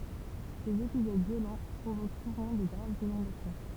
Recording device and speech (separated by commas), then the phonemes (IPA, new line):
temple vibration pickup, read sentence
sez epizod vjolɑ̃ pʁovok suvɑ̃ də ɡʁavz inɔ̃dasjɔ̃